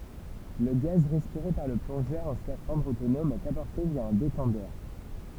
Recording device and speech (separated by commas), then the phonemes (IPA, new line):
temple vibration pickup, read sentence
lə ɡaz ʁɛspiʁe paʁ lə plɔ̃ʒœʁ ɑ̃ skafɑ̃dʁ otonɔm ɛt apɔʁte vja œ̃ detɑ̃dœʁ